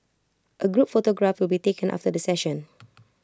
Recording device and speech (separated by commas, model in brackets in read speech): close-talking microphone (WH20), read sentence